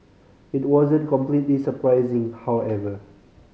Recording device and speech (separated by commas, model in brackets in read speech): mobile phone (Samsung C5010), read sentence